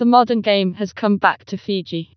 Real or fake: fake